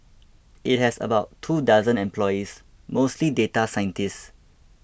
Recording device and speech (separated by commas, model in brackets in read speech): boundary microphone (BM630), read sentence